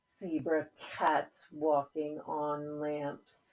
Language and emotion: English, angry